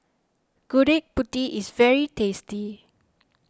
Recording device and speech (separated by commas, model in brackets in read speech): standing microphone (AKG C214), read sentence